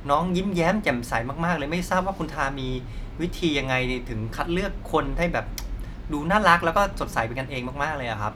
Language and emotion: Thai, happy